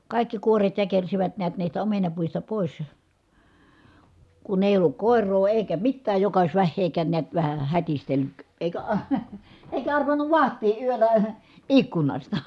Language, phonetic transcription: Finnish, kài̮kki kuoret jäkersivät niät niistä omenapuista pòis , kun ‿èi olluk kòer̀oo èi̮kä mittääj joka ois vähheekään neät vähä , hätistellyk , èikä a- , , èikä arvannuv vaht̀ii ʼyöllä , ikkunasta .
- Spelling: kaikki kuoret jäkersivät näet niistä omenapuista pois kun ei ollut koiraa eikä mitään joka olisi vähääkään näet vähän hätistellyt eikä - eikä arvannut vahtia yöllä ikkunasta

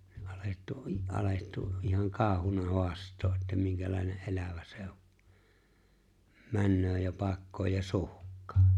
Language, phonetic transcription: Finnish, 'alettu , '’alettu ’ihaŋ 'kaaohuna 'hoast̀oo’ ’että 'miŋkälài̬ne’ '’elävä se o’ , 'männöö ja 'pakkooj ja 'suhk̆kᴀᴀ .
- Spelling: alettu alettu ihan kauhuna haastaa että minkälainen elävä se on menee ja pakkoon ja suhkaa

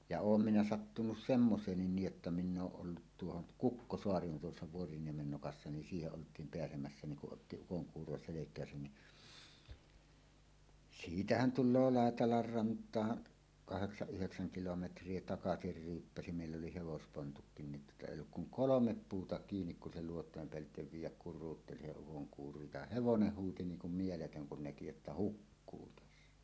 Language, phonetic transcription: Finnish, ja "oom minä 'sattunus "semmoseennin 'niij jotta miⁿ ‿ooˀ ˀollut 'tuohon , "Kukkosoari on tuossa 'Vuoriniemen nokassa nin 'siiheˀ 'ˀolt̀iim 'peäsemässä niŋ kuˀ ˀotti 'ukoŋkuuro selek̀ääsän ni , "siitähän 'tulloo "Làetalar 'rant̀aan , 'kaheksaˀ ˀyheksäŋ kilometr̀ie "takasir 'ryyppäsi mèill ‿oli 'hevospontukkin ni 'ˀèijj ‿ook kuŋ "kolomep 'puuta kiinik kun se 'luot̀òem peällitev "viij̆jäk 'kur̆ruutteli se ukoŋkuuro ja "hevonen 'huuti 'niiŋ kum 'mieletöŋ kun näki että "hukkuu 'tässä .
- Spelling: ja olen minä sattunut semmoiseen niin jotta minä olen ollut tuohon Kukkosaareen on tuossa Vuoriniemen nokassa niin siihen oltiin pääsemässä niin kun otti ukonkuuro selkään niin siitähän tulee Laitelan rantaan kahdeksan yhdeksän kilometriä takaisin ryyppäsi meillä oli hevospontutkin niin ei ole kuin kolme puuta kiinni kun se luotojen päältä viedä kuruutteli se ukonkuuro ja hevonen huusi niin kuin mieletön kun näki että hukkuu tässä

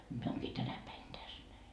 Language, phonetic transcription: Finnish, mie ooŋkii 'tänä päin 'täs näi » .
- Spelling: minä olenkin tänä päivänä tässä näin

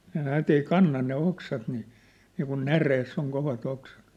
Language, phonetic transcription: Finnish, ne näät ‿ei 'kanna ne 'oksat ni , niikun 'näreess ‿oŋ kovat ‿oksᴀt .
- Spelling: ne näet ei kanna ne oksat niin niin kuin näreessä on kovat oksat

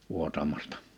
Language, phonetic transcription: Finnish, 'vuotamastᴀ .
- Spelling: vuotamasta

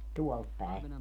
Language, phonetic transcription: Finnish, 'tuɔlt päe .
- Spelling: tuolta päin

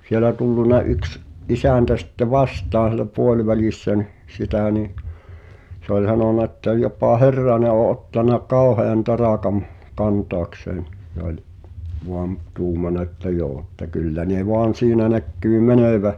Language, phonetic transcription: Finnish, siᵉlä tulluna 'yks , "isä̀ntä sitte 'vastaan̬ sielä 'puoĺvälìssä nɪh , 'sitä̀ ni , se ‿ol 'h̳anòna ᵉttä » jopà "Herrane ’o ’ottana "kàohean 'taràkam , 'kantoakseen « (s)e ‿oĺ , 'voam , 'tuumana ᵉttä » joo « että » 'kyllä ne 'voan̬ 'siinä 'näkkyy "mänö̀vä « ,.
- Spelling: siellä tullut yksi isäntä sitten vastaan siellä puolivälissä niin sitä niin se oli sanonut että jopa Herranen on ottanut kauhean taakan kantaakseen se oli vain tuumannut että joo että kyllä ne vain siinä näkyy menevän

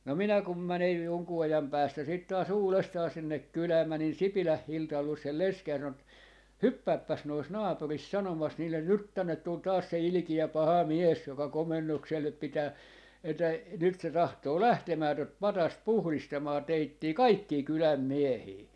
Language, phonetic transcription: Finnish, no 'minä 'kum 'mänej 'joŋkuu ajam 'päästä sit taa"s ‿uulestaa sinnek "kylää mänin "Sipiläh "Hiltal luos sel "leskej ja 'sano et , » "hyppäippäs nois 'naapuris 'sanomas 'niillen » "nyt 'tännet tul 'taas se "ilkijä 'paha "mies 'joka "komennoksellep 'pitää , että , 'nyt se 'tahtoo "lähtemää tot "patast "puhlistamaa 'teittii "kaikkii 'kyläm "miehii » » .
- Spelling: no minä kun menen jonkun ajan päästä sitten taas uudestaan sinne kylään menin Sipilän Hildan luo sen lesken ja sanoin että hyppääpäs noissa naapureissa sanomassa niille nyt tänne tuli taas se ilkeä paha mies joka komennukselle pitää että nyt se tahtoo lähtemään tuota patsasta puhdistamaan teitä kaikkia kylän miehiä

